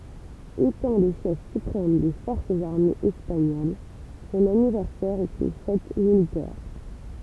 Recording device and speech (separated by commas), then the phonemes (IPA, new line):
temple vibration pickup, read sentence
etɑ̃ lə ʃɛf sypʁɛm de fɔʁsz aʁmez ɛspaɲol sɔ̃n anivɛʁsɛʁ ɛt yn fɛt militɛʁ